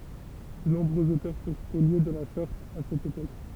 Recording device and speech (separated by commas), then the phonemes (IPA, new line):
temple vibration pickup, read sentence
də nɔ̃bʁøz otœʁ fyʁ spolje də la sɔʁt a sɛt epok